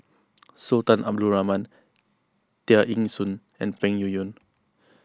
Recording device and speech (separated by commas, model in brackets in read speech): close-talking microphone (WH20), read sentence